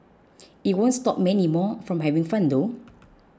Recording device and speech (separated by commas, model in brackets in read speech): close-talking microphone (WH20), read sentence